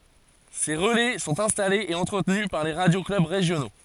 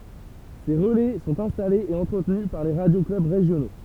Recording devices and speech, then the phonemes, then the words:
forehead accelerometer, temple vibration pickup, read sentence
se ʁəlɛ sɔ̃t ɛ̃stalez e ɑ̃tʁətny paʁ le ʁadjo klœb ʁeʒjono
Ces relais sont installés et entretenus par les radio-clubs régionaux.

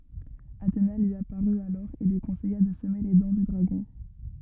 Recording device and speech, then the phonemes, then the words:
rigid in-ear microphone, read sentence
atena lyi apaʁy alɔʁ e lyi kɔ̃sɛja də səme le dɑ̃ dy dʁaɡɔ̃
Athéna lui apparut alors et lui conseilla de semer les dents du dragon.

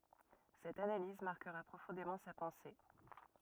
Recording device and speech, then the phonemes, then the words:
rigid in-ear microphone, read sentence
sɛt analiz maʁkəʁa pʁofɔ̃demɑ̃ sa pɑ̃se
Cette analyse marquera profondément sa pensée.

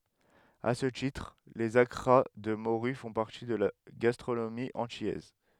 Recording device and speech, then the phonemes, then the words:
headset microphone, read sentence
a sə titʁ lez akʁa də moʁy fɔ̃ paʁti də la ɡastʁonomi ɑ̃tilɛz
À ce titre, les accras de morue font partie de la gastronomie antillaise.

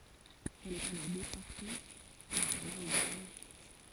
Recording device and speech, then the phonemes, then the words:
forehead accelerometer, read sentence
ɛl ɛt alɔʁ depɔʁte dɑ̃z œ̃ laoɡe
Elle est alors déportée dans un laogai.

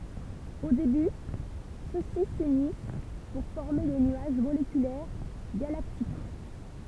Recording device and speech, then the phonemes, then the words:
temple vibration pickup, read sentence
o deby sø si synis puʁ fɔʁme de nyaʒ molekylɛʁ ɡalaktik
Au début, ceux-ci s'unissent pour former des nuages moléculaires galactiques.

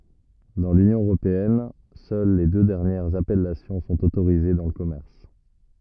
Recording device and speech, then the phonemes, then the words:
rigid in-ear microphone, read sentence
dɑ̃ lynjɔ̃ øʁopeɛn sœl le dø dɛʁnjɛʁz apɛlasjɔ̃ sɔ̃t otoʁize dɑ̃ lə kɔmɛʁs
Dans l’Union européenne, seules les deux dernières appellations sont autorisées dans le commerce.

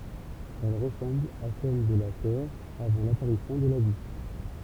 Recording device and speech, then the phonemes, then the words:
temple vibration pickup, read sentence
ɛl ʁəsɑ̃bl a sɛl də la tɛʁ avɑ̃ lapaʁisjɔ̃ də la vi
Elle ressemble à celle de la Terre avant l'apparition de la vie.

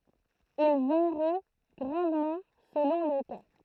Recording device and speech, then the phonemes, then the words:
throat microphone, read sentence
il vaʁi ɡʁɑ̃dmɑ̃ səlɔ̃ lə ka
Il varie grandement selon le cas.

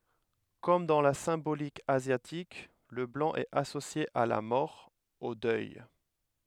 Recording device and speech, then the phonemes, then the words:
headset microphone, read sentence
kɔm dɑ̃ la sɛ̃bolik azjatik lə blɑ̃ ɛt asosje a la mɔʁ o dœj
Comme dans la symbolique asiatique, le blanc est associé à la mort, au deuil.

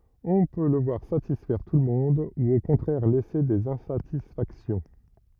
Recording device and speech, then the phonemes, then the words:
rigid in-ear microphone, read sentence
ɔ̃ pø lə vwaʁ satisfɛʁ tulmɔ̃d u o kɔ̃tʁɛʁ lɛse dez ɛ̃satisfaksjɔ̃
On peut le voir satisfaire tout le monde ou au contraire laisser des insatisfactions.

